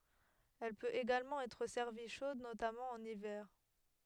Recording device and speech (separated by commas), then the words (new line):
headset microphone, read sentence
Elle peut également être servie chaude notamment en hiver.